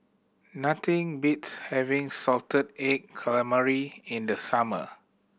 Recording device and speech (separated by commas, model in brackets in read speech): boundary microphone (BM630), read sentence